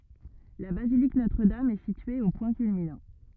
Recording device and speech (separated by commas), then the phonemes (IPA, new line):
rigid in-ear microphone, read sentence
la bazilik notʁədam ɛ sitye o pwɛ̃ kylminɑ̃